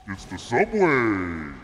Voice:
ominous voice